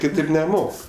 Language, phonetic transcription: Lithuanian, kiˈtėp neˈmok

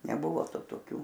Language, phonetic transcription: Lithuanian, neˈbuvo ˈtu toˈkių

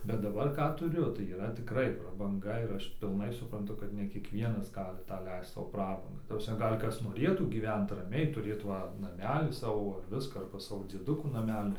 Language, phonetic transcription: Lithuanian, bet daˈbar ˈką tuˈriu tai yˈra tiˈkrai prabanˈga ir ˈaš pilˈnai supranˈtu kad ne kiekˈvienas ˈgali ˈtą ˈleist ˈsau ˈprabanga ˈta prasˈme ˈgal' ˈkas noˈrėtų gyˈvent raˈmiai tuˈrėt ˈva naˈmelį ˈsavo ˈviską arba ˈsavo dzieˈdukų naˈmeli

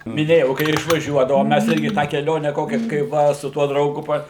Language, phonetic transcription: Lithuanian, miˈnėjau kai ir išvaˈžiuodavom ˈmæs ˈirgi tą keˈlionę ˈkokia kai ˈva su ˈtuo drauˈgu pa

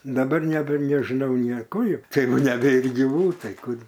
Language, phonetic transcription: Lithuanian, daˈbar neˈbe nežiˈnau nie ˈkur ˈji ˈtai ˈjau neˈbėr gyˈvų ˈtai ˈkur

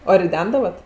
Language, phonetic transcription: Lithuanian, o riˈdendavat

